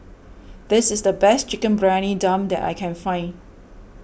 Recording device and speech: boundary microphone (BM630), read sentence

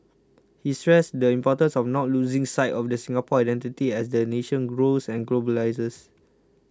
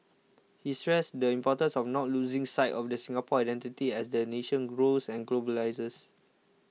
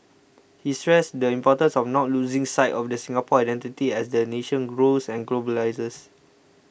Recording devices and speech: close-talking microphone (WH20), mobile phone (iPhone 6), boundary microphone (BM630), read sentence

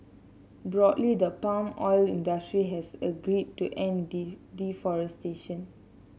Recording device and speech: mobile phone (Samsung C7), read sentence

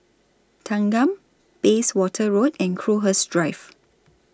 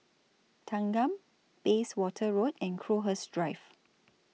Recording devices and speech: standing microphone (AKG C214), mobile phone (iPhone 6), read sentence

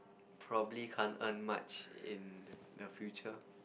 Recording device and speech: boundary microphone, conversation in the same room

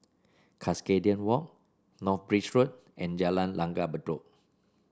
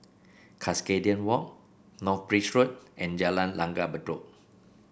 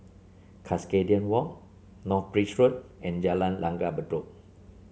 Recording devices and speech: standing microphone (AKG C214), boundary microphone (BM630), mobile phone (Samsung C7), read sentence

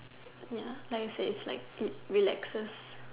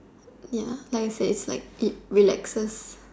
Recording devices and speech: telephone, standing microphone, conversation in separate rooms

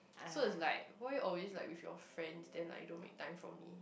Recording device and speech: boundary microphone, conversation in the same room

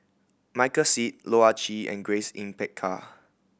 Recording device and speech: boundary microphone (BM630), read sentence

